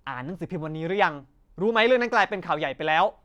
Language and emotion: Thai, angry